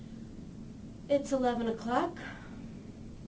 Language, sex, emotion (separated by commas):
English, female, disgusted